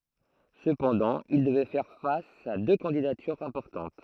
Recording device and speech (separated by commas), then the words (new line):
throat microphone, read sentence
Cependant, il devait faire face à deux candidatures importantes.